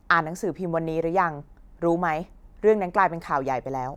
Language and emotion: Thai, angry